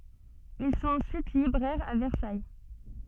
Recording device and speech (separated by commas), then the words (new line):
soft in-ear microphone, read sentence
Ils sont ensuite libraires à Versailles.